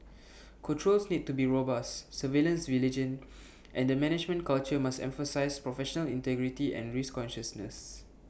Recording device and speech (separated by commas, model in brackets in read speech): boundary microphone (BM630), read sentence